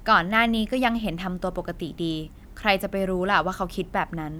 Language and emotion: Thai, neutral